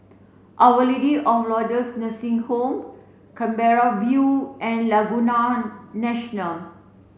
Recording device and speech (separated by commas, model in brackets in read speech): mobile phone (Samsung C7), read sentence